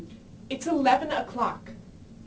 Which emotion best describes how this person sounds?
neutral